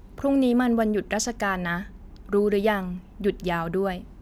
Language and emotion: Thai, neutral